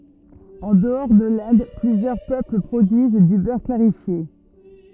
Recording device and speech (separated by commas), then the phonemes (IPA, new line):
rigid in-ear microphone, read sentence
ɑ̃ dəɔʁ də lɛ̃d plyzjœʁ pøpl pʁodyiz dy bœʁ klaʁifje